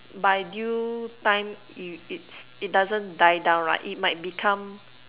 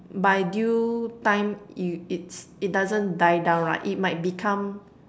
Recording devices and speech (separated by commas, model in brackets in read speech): telephone, standing microphone, conversation in separate rooms